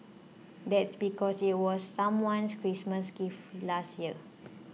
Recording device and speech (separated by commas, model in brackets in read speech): mobile phone (iPhone 6), read sentence